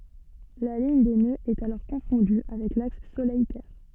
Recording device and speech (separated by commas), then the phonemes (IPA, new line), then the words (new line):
soft in-ear microphone, read sentence
la liɲ de nøz ɛt alɔʁ kɔ̃fɔ̃dy avɛk laks solɛj tɛʁ
La ligne des nœuds est alors confondue avec l’axe Soleil-Terre.